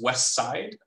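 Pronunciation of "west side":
In 'west side', the t at the end of 'west' is deleted, so it isn't heard.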